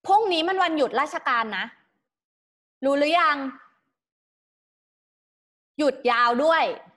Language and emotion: Thai, neutral